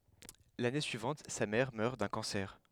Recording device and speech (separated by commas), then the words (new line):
headset microphone, read sentence
L’année suivante, sa mère meurt d’un cancer.